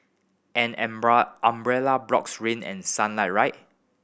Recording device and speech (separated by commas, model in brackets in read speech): boundary microphone (BM630), read sentence